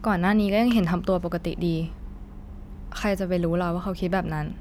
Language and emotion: Thai, frustrated